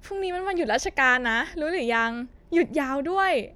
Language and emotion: Thai, happy